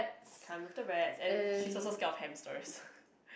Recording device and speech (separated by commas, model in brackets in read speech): boundary microphone, conversation in the same room